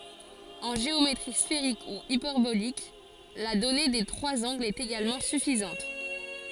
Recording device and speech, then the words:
forehead accelerometer, read sentence
En géométrie sphérique ou hyperbolique, la donnée des trois angles est également suffisante.

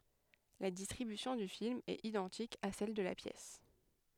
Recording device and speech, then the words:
headset microphone, read sentence
La distribution du film est identique à celle de la pièce.

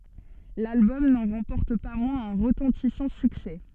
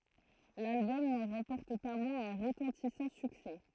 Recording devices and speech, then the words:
soft in-ear microphone, throat microphone, read sentence
L'album n'en remporte pas moins un retentissant succès.

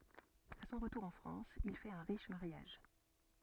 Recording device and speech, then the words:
soft in-ear microphone, read sentence
À son retour en France, il fait un riche mariage.

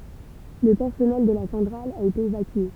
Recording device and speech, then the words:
temple vibration pickup, read sentence
Le personnel de la centrale a été évacué.

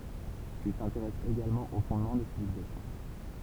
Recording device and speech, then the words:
temple vibration pickup, read sentence
Il s'intéresse également aux fondements des civilisations.

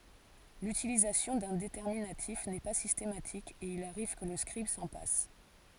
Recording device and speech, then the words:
forehead accelerometer, read sentence
L'utilisation d'un déterminatif n'est pas systématique, et il arrive que le scribe s'en passe.

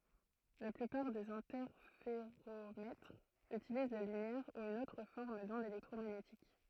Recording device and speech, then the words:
throat microphone, read sentence
La plupart des interféromètres utilisent la lumière ou une autre forme d'onde électromagnétique.

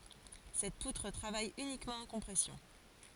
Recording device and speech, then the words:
forehead accelerometer, read sentence
Cette poutre travaille uniquement en compression.

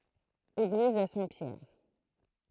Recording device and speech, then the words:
throat microphone, read sentence
Église Saint-Pierre.

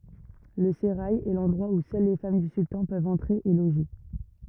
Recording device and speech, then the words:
rigid in-ear microphone, read sentence
Le sérail est l'endroit où seules les femmes du sultan peuvent entrer et loger.

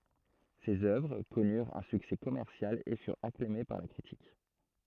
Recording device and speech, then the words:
throat microphone, read sentence
Ses œuvres connurent un succès commercial et furent acclamées par la critique.

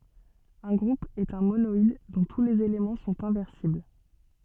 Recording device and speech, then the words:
soft in-ear microphone, read sentence
Un groupe est un monoïde dont tous les éléments sont inversibles.

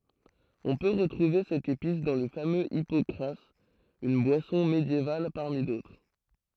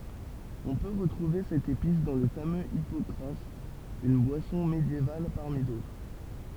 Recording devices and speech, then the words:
throat microphone, temple vibration pickup, read sentence
On peut retrouver cette épice dans le fameux hypocras, une boisson médiévale parmi d'autres.

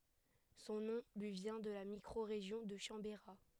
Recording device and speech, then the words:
headset microphone, read sentence
Son nom lui vient de la micro-région de Chambérat.

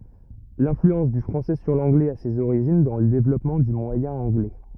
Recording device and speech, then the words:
rigid in-ear microphone, read sentence
L'influence du français sur l'anglais a ses origines dans le développement du moyen anglais.

